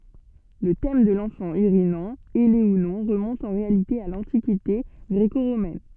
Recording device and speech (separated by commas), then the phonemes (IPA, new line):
soft in-ear microphone, read sentence
lə tɛm də lɑ̃fɑ̃ yʁinɑ̃ ɛle u nɔ̃ ʁəmɔ̃t ɑ̃ ʁealite a lɑ̃tikite ɡʁeko ʁomɛn